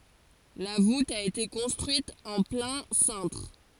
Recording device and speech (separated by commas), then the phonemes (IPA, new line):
forehead accelerometer, read sentence
la vut a ete kɔ̃stʁyit ɑ̃ plɛ̃ sɛ̃tʁ